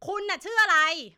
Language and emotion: Thai, angry